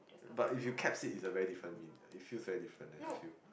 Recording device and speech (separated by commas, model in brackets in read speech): boundary microphone, conversation in the same room